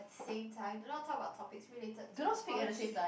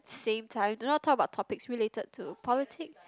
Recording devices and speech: boundary microphone, close-talking microphone, conversation in the same room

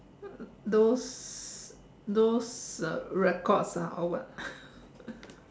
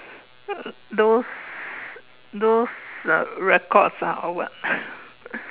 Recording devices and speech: standing microphone, telephone, conversation in separate rooms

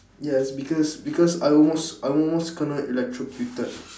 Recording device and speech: standing microphone, conversation in separate rooms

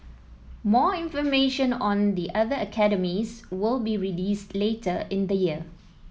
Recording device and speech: mobile phone (iPhone 7), read sentence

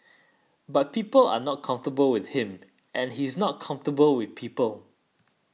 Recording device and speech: mobile phone (iPhone 6), read sentence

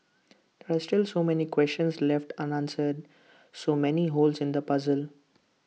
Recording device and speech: mobile phone (iPhone 6), read sentence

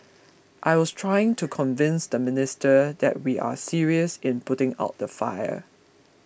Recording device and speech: boundary microphone (BM630), read sentence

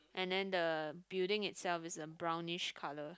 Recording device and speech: close-talking microphone, conversation in the same room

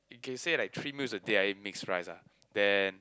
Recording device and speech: close-talking microphone, conversation in the same room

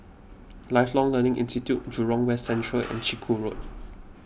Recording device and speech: boundary microphone (BM630), read sentence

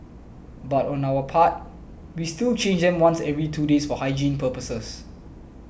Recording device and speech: boundary microphone (BM630), read sentence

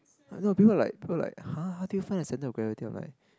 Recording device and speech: close-talking microphone, conversation in the same room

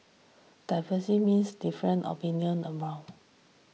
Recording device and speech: mobile phone (iPhone 6), read sentence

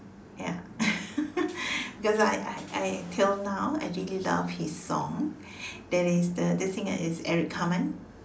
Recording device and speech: standing microphone, conversation in separate rooms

